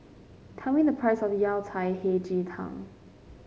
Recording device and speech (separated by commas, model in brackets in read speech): mobile phone (Samsung C5), read sentence